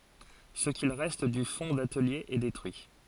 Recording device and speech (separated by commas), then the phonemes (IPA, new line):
forehead accelerometer, read sentence
sə kil ʁɛst dy fɔ̃ datəlje ɛ detʁyi